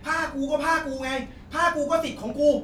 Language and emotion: Thai, angry